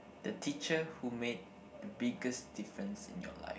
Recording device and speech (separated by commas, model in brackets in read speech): boundary microphone, conversation in the same room